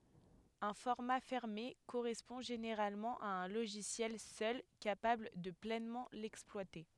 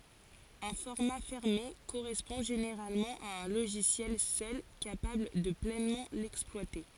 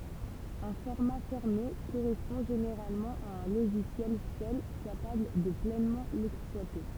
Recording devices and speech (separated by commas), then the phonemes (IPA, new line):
headset microphone, forehead accelerometer, temple vibration pickup, read sentence
œ̃ fɔʁma fɛʁme koʁɛspɔ̃ ʒeneʁalmɑ̃ a œ̃ loʒisjɛl sœl kapabl də plɛnmɑ̃ lɛksplwate